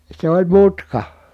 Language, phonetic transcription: Finnish, se oĺ mutka .
- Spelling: se oli mutka

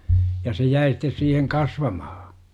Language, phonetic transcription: Finnish, ja se 'jäi stes siiheŋ "kasvamahA .
- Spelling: ja se jäi sitten siihen kasvamaan

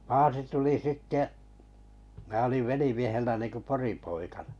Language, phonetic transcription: Finnish, 'paasi 'tuli 'sitte’ , mää oliv 'velimiehellä ninko 'poripoika(ɴᴀ) .
- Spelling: paasi tuli sitten minä olin velimiehellä niin kuin poripoikana

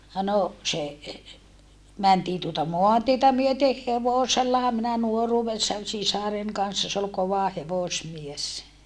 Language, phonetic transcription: Finnish, no , se , mäntii tuota moantietä myöteh hevosellaha minä nuoruuvessan sisaren kanssa s ‿ol kova hevosmies .
- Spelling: no se mentiin tuota maantietä myöten hevosellahan minä nuoruudessani sisaren kanssa se oli kova hevosmies

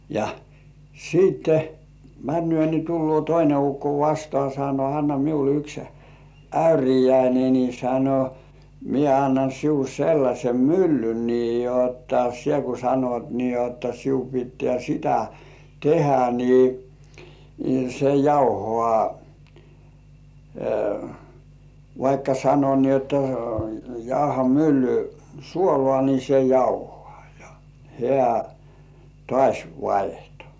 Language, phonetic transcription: Finnish, ja , siitte , "männy̆ö̀ ni 'tullŭò "toine 'ukko vastŏà sano » anna miul yks "äyrijäine ni « sano , » mie annan siul 'sellaśem "myllyn nii jotta sie ku sanot nii jotta siu pittĕä̀ 'sitä "tehä ni , se 'jauhŏà , vaikka sano ni ‿otta , 'jauha "mylly , "suolŏà ni se 'jauhŏà « ja , hĕä̀ , "tŏàś 'vaihto .
- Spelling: ja sitten menee niin tullee toinen ukko vastaan sanoi anna minulle yksi äyriäinen niin sanoi minä annan sinulle sellaisen myllyn niin jotta sinä kun sanot niin jotta sinun pitää sitä tehdä niin se jauhaa vaikka sanoi niin jotta jauha mylly suolaa niin se jauhaa ja hän taas vaihtoi

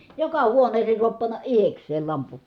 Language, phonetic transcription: Finnish, joka huoneesee suap panna ʼihekseel lampu .
- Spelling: joka huoneeseen saa panna itsekseen lampun

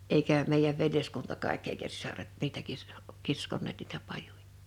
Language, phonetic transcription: Finnish, 'eikä̀ , 'meijäv 'veljeskunta kàekk ‿èikä 'sisaret 'niitä 'kis- , 'kiskon̆neet niitä 'pajuᴊᴀ .
- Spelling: eikä meidän veljeskunta kaikki eikä sisaret niitä - kiskoneet niitä pajuja

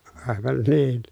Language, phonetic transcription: Finnish, àevan niin .
- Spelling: aivan niin

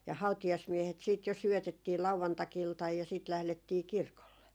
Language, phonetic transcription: Finnish, ja 'hautijasmiehet siit jo 'syötettii 'lauvantakiltaj ja siit 'lählettii "kirkolle .
- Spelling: ja hautajaismiehet sitten jo syötettiin lauantai-iltana ja sitten lähdettiin kirkolle

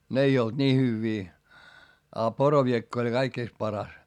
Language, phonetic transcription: Finnish, n ‿ei olD ńii hyvvii , a poroviekk ‿oĺ kaikkìst paras .
- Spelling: ne ei ollut niin hyviä a poroviekka oli kaikista paras

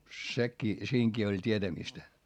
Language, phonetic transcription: Finnish, sekkii , siiŋkii oĺ t́ietämistä .
- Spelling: sekin siinäkin oli tietämistä

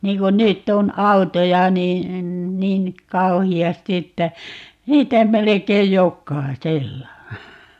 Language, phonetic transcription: Finnish, 'niiŋ kun "nytt ‿on "autoja ni , 'niin , "kauhi₍asti että , 'niitä 'melekeij "jokkai"sella .
- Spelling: niin kun nyt on autoja niin niin kauheasti että niitä melkein jokaisella

